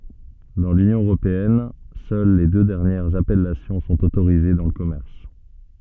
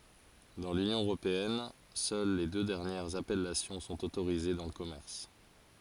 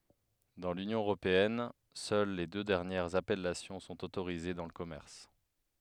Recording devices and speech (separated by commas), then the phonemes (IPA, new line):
soft in-ear microphone, forehead accelerometer, headset microphone, read sentence
dɑ̃ lynjɔ̃ øʁopeɛn sœl le dø dɛʁnjɛʁz apɛlasjɔ̃ sɔ̃t otoʁize dɑ̃ lə kɔmɛʁs